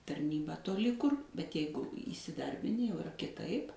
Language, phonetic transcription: Lithuanian, tarˈnybą toˈli kur bet ˈjeigu įsiˈdarbini jau iˈra kiˈtaip

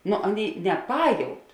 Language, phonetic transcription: Lithuanian, ˈnu ˈaˌnėi neˈpajaut

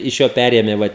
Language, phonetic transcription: Lithuanian, iš ˈjo ˈpærėmė ˈva

